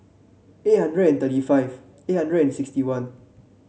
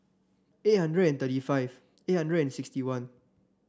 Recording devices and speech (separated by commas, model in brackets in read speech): mobile phone (Samsung C7), standing microphone (AKG C214), read sentence